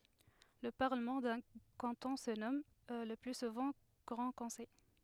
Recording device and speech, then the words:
headset microphone, read sentence
Le Parlement d'un canton se nomme, le plus souvent, Grand Conseil.

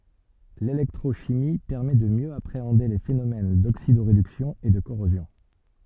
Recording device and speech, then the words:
soft in-ear microphone, read sentence
L'électrochimie permet de mieux appréhender les phénomènes d'oxydoréduction et de corrosion.

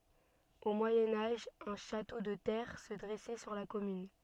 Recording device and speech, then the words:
soft in-ear microphone, read sentence
Au Moyen Âge un château de terre se dressait sur la commune.

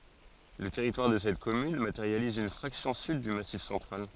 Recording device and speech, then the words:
forehead accelerometer, read sentence
Le territoire de cette commune matérialise une fraction sud du Massif central.

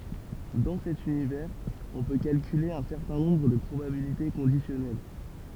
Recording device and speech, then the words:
temple vibration pickup, read sentence
Dans cet univers, on peut calculer un certain nombre de probabilités conditionnelles.

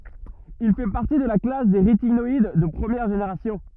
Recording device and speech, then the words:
rigid in-ear microphone, read sentence
Il fait partie de la classe des rétinoïdes de première génération.

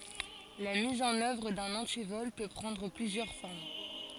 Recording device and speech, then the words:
forehead accelerometer, read sentence
La mise en œuvre d'un antivol peut prendre plusieurs formes.

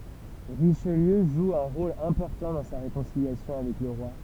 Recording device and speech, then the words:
temple vibration pickup, read sentence
Richelieu joue un rôle important dans sa réconciliation avec le roi.

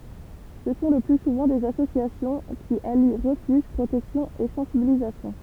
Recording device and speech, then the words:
temple vibration pickup, read sentence
Ce sont le plus souvent des associations, qui allient refuge, protection et sensibilisation.

